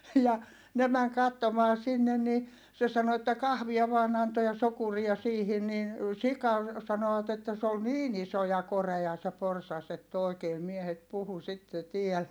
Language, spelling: Finnish, ja ne meni katsomaan sinne niin se sanoi että kahvia vain antoi ja sokeria siihen niin sika sanovat että se oli niin iso ja korea se porsas että oikein miehet puhui sitten täällä
- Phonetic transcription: ja , ne mäŋ kattomaa sinnen ni , se sano että kahvia vaan ‿anto ja sokuria siihin nin , sika , sanoᵛat ‿että s ‿ol niin ‿iso ja koreʲa se porsas ‿ett ‿òi̮kee miehet puhu sitte tiɛl .

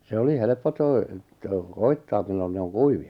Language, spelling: Finnish, se oli helppo - - koettaa milloin ne on kuivia
- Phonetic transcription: 'se oli 'helᵉppo 'toi- , toi- "koittaam millon ne 'oŋ "kuivi₍a .

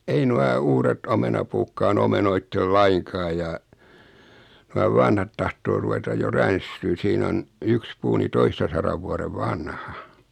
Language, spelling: Finnish, ei nuo uudet omenapuutkaan omenoitse lainkaan ja nuo vanhat tahtoo ruveta jo ränsistymään siinä on yksi puu niin toistasadan vuoden vanha
- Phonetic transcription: 'ei nua 'uuret 'omenapuukkaa'n ‿omenoittel "laiŋkaa ja , nua 'vanhat tahtoo 'ruvetaj jo 'ränstyyn̬ 'siin ‿on , 'yks 'puu ni 'toistasarav 'vuarev "vanha .

